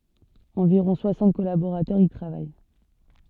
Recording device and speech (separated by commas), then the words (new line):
soft in-ear microphone, read sentence
Environ soixante collaborateurs y travaillent.